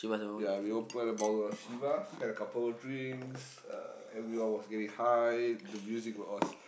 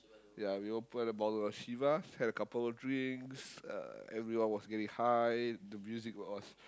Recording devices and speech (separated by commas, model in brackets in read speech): boundary microphone, close-talking microphone, conversation in the same room